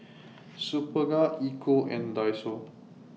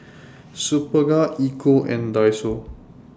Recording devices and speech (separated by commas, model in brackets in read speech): mobile phone (iPhone 6), standing microphone (AKG C214), read sentence